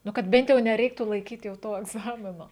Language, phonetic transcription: Lithuanian, ˈnu kad ˈbent jau nerˈeiktų laiˈkyt' jau ˈto egˈzamino

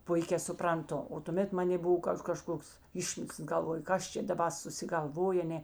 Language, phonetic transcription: Lithuanian, ˈpuikē supranˈtu o tuˈmėt ˈmanė ˈbuv ˈkad kaˈžkoks ˈišmislas galˈvoju ˈkas čia daˈba susigalˈvojė aˈnė

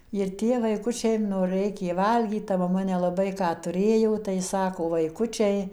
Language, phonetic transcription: Lithuanian, ir ˈtie vaiˈkučiai nu ˈreikė ˈvalgyt ta maˈma nelaˈbai ką tuˈrėjo tai ˈsako vaiˈkučiai

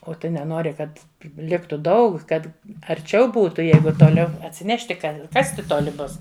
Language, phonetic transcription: Lithuanian, o ˈtu neˈnori ˈkad ˈliktu ˈdaug ˈkad arˈčiau ˈbūtu ˈjeigu toˈliau atsiˈnešti ˈka ˈkasti ˈtoli ˈbus

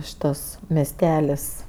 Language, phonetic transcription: Lithuanian, ˈšitas mesˈtelis

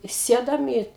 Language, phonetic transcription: Lithuanian, ˈsėdom į

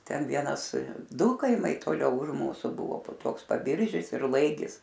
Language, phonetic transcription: Lithuanian, ˈten ˈvienas ˈdu kaiˈmai toˈliau už ˈmūsu ˈbuvo po ˈtoks paˈbiržis ir ˈlaigis

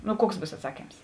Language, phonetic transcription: Lithuanian, nu ˈkuoks ˈbūs atˈsakyms

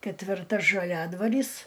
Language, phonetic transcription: Lithuanian, ketvirˈta žaˈliadvarys

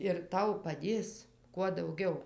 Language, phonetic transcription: Lithuanian, ir ˈtau paˈdės kuo ˈdaugiau

